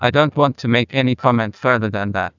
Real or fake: fake